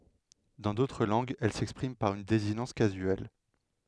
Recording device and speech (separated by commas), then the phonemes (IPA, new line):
headset microphone, read sentence
dɑ̃ dotʁ lɑ̃ɡz ɛl sɛkspʁim paʁ yn dezinɑ̃s kazyɛl